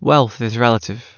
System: none